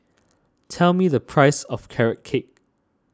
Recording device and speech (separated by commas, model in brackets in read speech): standing microphone (AKG C214), read sentence